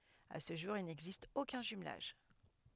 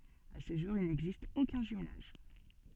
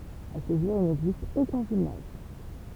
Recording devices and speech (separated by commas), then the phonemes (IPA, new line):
headset microphone, soft in-ear microphone, temple vibration pickup, read sentence
a sə ʒuʁ il nɛɡzist okœ̃ ʒymlaʒ